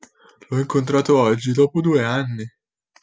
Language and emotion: Italian, neutral